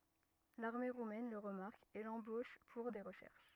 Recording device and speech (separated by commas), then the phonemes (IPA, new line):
rigid in-ear microphone, read sentence
laʁme ʁumɛn lə ʁəmaʁk e lɑ̃boʃ puʁ de ʁəʃɛʁʃ